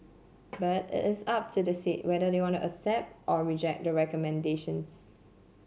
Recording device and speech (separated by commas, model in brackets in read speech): mobile phone (Samsung C7), read sentence